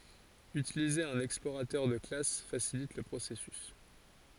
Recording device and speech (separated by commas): forehead accelerometer, read sentence